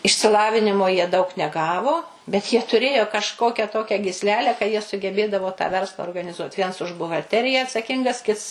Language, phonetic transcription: Lithuanian, išsiˈlavinimo jie daug neˈgavo bet jie tuˈrėjo kažˈkokia ˈtokia gysˈlelę ka ˈjie sugeˈbėdavo tą ˈversla organiˈzuot' ˈviens už buhalˈteriją atsaˈkingas ˈkits

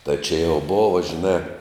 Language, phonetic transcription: Lithuanian, tai či jau ˈbova žiˈnā

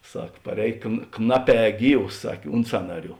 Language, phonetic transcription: Lithuanian, ˈsak paˈrēj kn ˈknaˌpē ˈgyvs ˈsak' ˈunt sanaˌrių

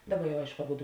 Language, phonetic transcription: Lithuanian, ˈdaˌba jau ˈaišku aˈbudu

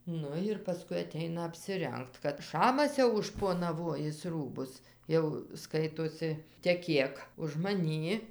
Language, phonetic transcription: Lithuanian, ˈnu ir paˈskui aˈteina apsiˈrengt kad ˈšamas jau užšponaˈvojis ˈrūbus ˈjau ˈskaitosi teˈkėk už maˈnį

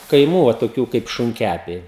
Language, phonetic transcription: Lithuanian, kaiˈmų o toˈkių kaip šunˈkæpiai

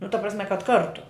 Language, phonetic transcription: Lithuanian, nu ta prasˈme kad ˈkartu

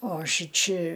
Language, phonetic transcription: Lithuanian, o ˈšiči

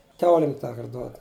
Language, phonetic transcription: Lithuanian, ˈkiaulim ˈtąkart ˈduod

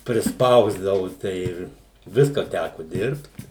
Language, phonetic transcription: Lithuanian, prisˈpausdavu tai ˈir ˈviska ˈtæku ˈdirbt

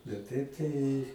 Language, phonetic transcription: Lithuanian, bet ˈtaip tai

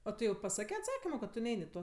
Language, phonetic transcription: Lithuanian, o ˈtu jau paˈsakė atˈsakimo kad tu ˈnein' i ˈto

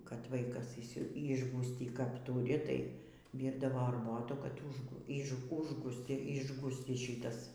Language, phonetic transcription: Lithuanian, kad ˈvaikas išˈsi ˈišgųstį kap ˈtūri tai ˈvyrdavo arˈbotų kad ˈuž išˈgųs užˈgų ˈišgųscis ˈšitas

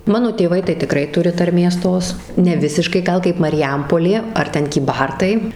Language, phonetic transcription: Lithuanian, ˈmano tėˈvai tai tiˈkrai ˈturi tarˈmės ˈtos neˈvisiškai ˈgal kaip mariˈjampolė ar ˈten kyˈbartai

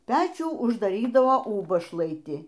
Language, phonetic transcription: Lithuanian, ˈpečių uždaˈrydavo ˈūbašlaiti

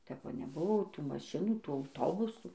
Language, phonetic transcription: Lithuanian, tep ˈva neˈbuvo ˈtų maˈšinų ˈtų auˈtobusų

